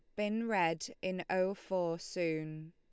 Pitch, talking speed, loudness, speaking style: 180 Hz, 145 wpm, -36 LUFS, Lombard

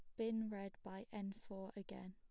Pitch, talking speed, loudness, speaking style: 200 Hz, 190 wpm, -48 LUFS, plain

